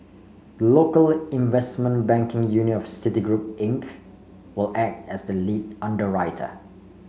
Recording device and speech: mobile phone (Samsung C5), read sentence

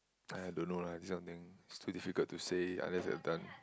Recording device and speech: close-talking microphone, conversation in the same room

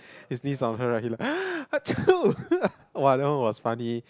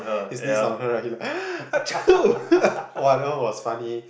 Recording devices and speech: close-talking microphone, boundary microphone, conversation in the same room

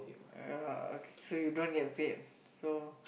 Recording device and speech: boundary microphone, conversation in the same room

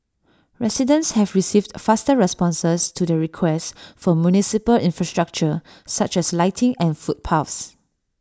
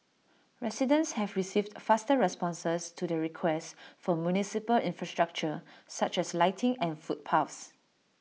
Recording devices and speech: standing microphone (AKG C214), mobile phone (iPhone 6), read sentence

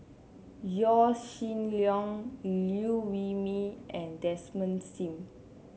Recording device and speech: mobile phone (Samsung C7), read sentence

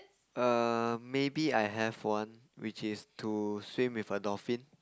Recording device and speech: close-talking microphone, conversation in the same room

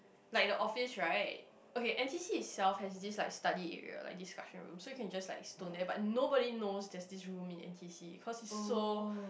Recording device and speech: boundary microphone, conversation in the same room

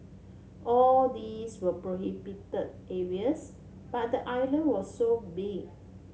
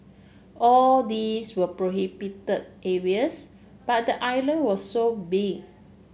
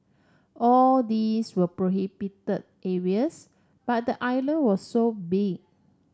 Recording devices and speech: mobile phone (Samsung C7), boundary microphone (BM630), standing microphone (AKG C214), read sentence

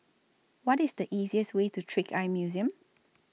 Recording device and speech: mobile phone (iPhone 6), read sentence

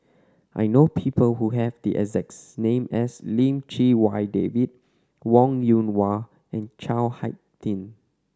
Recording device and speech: standing microphone (AKG C214), read sentence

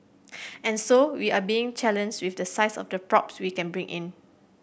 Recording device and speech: boundary microphone (BM630), read sentence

